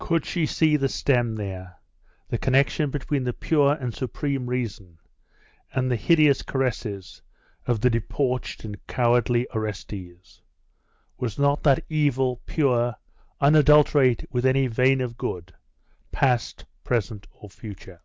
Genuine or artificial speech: genuine